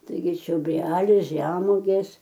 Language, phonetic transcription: Lithuanian, taiˈgi čioˈbreliai ˈžemuogės

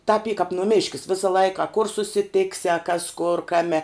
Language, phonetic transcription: Lithuanian, tap y kap nuˈmiškis ˈvisa ˈlaika a kur susiˈtiksi a kas kur ˈkame

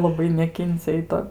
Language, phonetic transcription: Lithuanian, laˈbai neˈkincia i ˈto

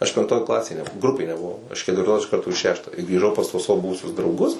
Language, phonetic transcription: Lithuanian, aš penkˈtoj ˈklasėj nebuˈvau ˈgrupėj nebuˈvau iš ketvirˈtos iš ˈkarto i ˈšeštą i grįˈžau pas tuos ˈsavo ˈbuvusius drauˈgus

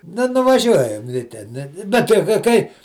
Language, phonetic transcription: Lithuanian, ˈnu nuvaˈžiuojam li ˈten ˈbet tai kai ˈkai

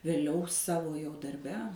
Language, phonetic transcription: Lithuanian, vėˈliau ˈsavo jau darˈbe

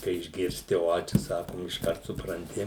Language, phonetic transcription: Lithuanian, kai išgirˈsti ˈo ˈčia ˈsakom išˈkart supranˈti

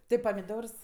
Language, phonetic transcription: Lithuanian, ˈti pamiˈdors

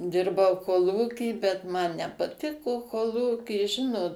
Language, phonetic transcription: Lithuanian, ˈdirbau koˈlūky bet ˈman nepaˈtiko koˈlūky ˈžinot

